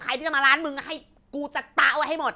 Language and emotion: Thai, angry